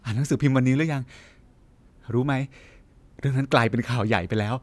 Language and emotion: Thai, happy